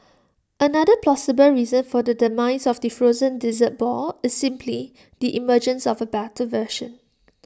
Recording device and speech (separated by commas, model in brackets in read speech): standing microphone (AKG C214), read sentence